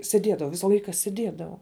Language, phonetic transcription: Lithuanian, sėˈdiedavau ˈvisa ˈlaika sėˈdiedavau

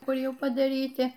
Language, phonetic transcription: Lithuanian, ˈkur ˈjau padaˈryti

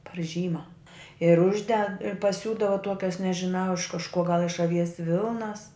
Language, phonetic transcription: Lithuanian, par ˈžyma ir ˈužded paˈsiūdava ˈtuokias nežiˈnau iš kažˈkuo gal iš aˈvies ˈvilnas

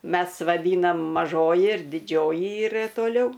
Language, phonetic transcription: Lithuanian, ˈmes vaˈdynam maˈžoji ir diˈdžioji ˈyra toˈliau

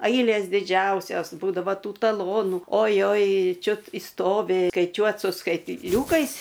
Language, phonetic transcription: Lithuanian, ˈailės diˈdžiausios ˈbūdava ˈtų taˈlonu oˈjoj ˈčiut išˈstovi skaiˈčiuot su skaitˈliūkais

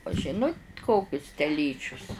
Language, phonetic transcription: Lithuanian, u ˈžinut ˈkokius teˈlyčius

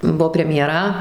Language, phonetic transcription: Lithuanian, ˈbuvo premjeˈra

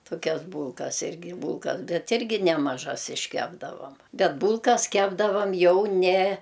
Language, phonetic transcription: Lithuanian, toˈkias ˈbūlkas ˈirgi ˈbūlkas ˈbet ˈirgi nemaˈžas išˈkepdavam ˈbet ˈbūlkas ˈkepdavam ˈjau ˈne

